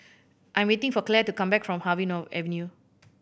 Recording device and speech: boundary microphone (BM630), read sentence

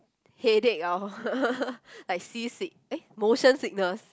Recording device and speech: close-talking microphone, conversation in the same room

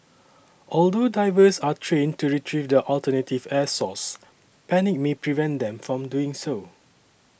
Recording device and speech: boundary microphone (BM630), read sentence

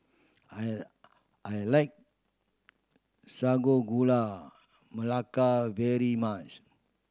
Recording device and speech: standing microphone (AKG C214), read sentence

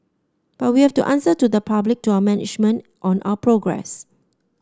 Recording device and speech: standing microphone (AKG C214), read sentence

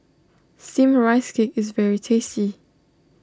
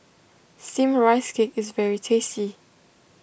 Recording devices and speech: standing microphone (AKG C214), boundary microphone (BM630), read sentence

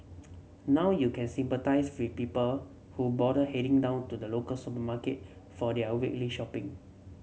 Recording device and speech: mobile phone (Samsung C7), read sentence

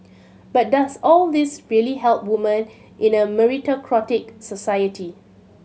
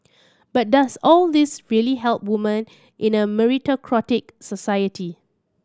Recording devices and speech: mobile phone (Samsung C7100), standing microphone (AKG C214), read sentence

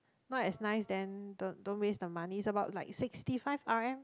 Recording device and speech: close-talking microphone, conversation in the same room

